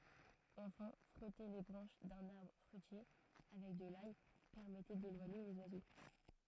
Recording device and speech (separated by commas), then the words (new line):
throat microphone, read sentence
Enfin, frotter les branches d'un arbre fruitier avec de l'ail permettait d'éloigner les oiseaux.